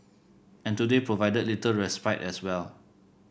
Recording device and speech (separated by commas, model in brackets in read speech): boundary microphone (BM630), read sentence